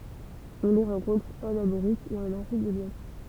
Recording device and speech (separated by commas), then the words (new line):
temple vibration pickup, read sentence
On les rencontre en Amérique et en Afrique de l'Ouest.